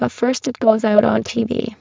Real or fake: fake